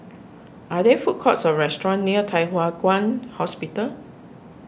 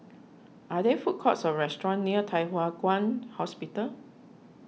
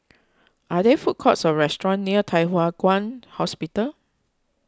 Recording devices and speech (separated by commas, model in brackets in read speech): boundary microphone (BM630), mobile phone (iPhone 6), close-talking microphone (WH20), read sentence